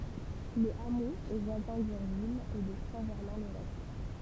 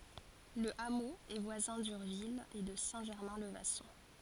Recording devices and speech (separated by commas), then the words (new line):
temple vibration pickup, forehead accelerometer, read sentence
Le hameau est voisin d'Urville et de Saint-Germain-le-Vasson.